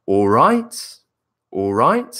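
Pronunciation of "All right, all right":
In 'all right, all right', the voice goes down and then up, finishing with a rise that makes it sound like a question.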